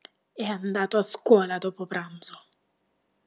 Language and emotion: Italian, angry